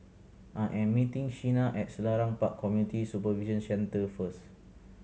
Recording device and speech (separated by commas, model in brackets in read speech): mobile phone (Samsung C7100), read sentence